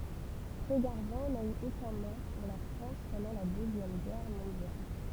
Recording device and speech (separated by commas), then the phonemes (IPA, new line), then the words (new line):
temple vibration pickup, read sentence
tʁeɡaʁvɑ̃ na y okœ̃ mɔʁ puʁ la fʁɑ̃s pɑ̃dɑ̃ la døzjɛm ɡɛʁ mɔ̃djal
Trégarvan n'a eu aucun mort pour la France pendant la Deuxième Guerre mondiale.